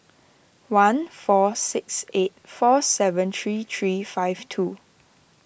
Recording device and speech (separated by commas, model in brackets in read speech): boundary microphone (BM630), read sentence